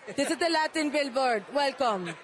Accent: Jamaican accent